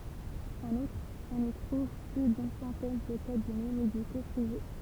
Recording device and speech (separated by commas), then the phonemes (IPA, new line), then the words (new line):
temple vibration pickup, read sentence
ɑ̃n utʁ ɔ̃n i tʁuv ply dyn sɑ̃tɛn də kabinɛ mediko pʁive
En outre, on y trouve plus d'une centaine de cabinets médicaux privés.